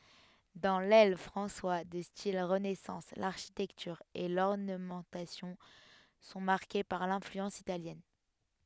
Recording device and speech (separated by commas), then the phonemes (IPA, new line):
headset microphone, read sentence
dɑ̃ lɛl fʁɑ̃swa də stil ʁənɛsɑ̃s laʁʃitɛktyʁ e lɔʁnəmɑ̃tasjɔ̃ sɔ̃ maʁke paʁ lɛ̃flyɑ̃s italjɛn